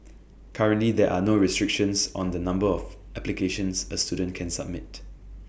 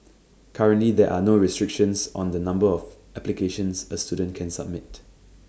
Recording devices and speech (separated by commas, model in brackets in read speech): boundary microphone (BM630), standing microphone (AKG C214), read sentence